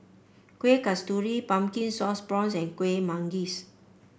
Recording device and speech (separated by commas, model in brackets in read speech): boundary microphone (BM630), read sentence